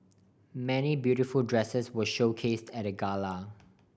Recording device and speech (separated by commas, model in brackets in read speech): boundary microphone (BM630), read sentence